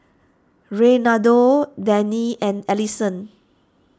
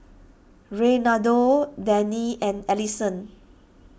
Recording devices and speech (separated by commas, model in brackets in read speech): standing microphone (AKG C214), boundary microphone (BM630), read sentence